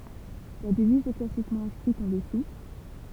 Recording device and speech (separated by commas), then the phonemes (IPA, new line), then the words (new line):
temple vibration pickup, read sentence
la dəviz ɛ klasikmɑ̃ ɛ̃skʁit ɑ̃ dəsu
La devise est classiquement inscrite en dessous.